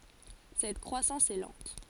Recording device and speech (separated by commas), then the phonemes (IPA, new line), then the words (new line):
forehead accelerometer, read sentence
sɛt kʁwasɑ̃s ɛ lɑ̃t
Cette croissance est lente.